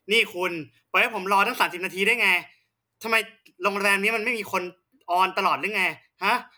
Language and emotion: Thai, angry